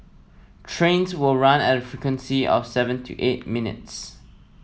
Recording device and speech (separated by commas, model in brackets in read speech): mobile phone (iPhone 7), read sentence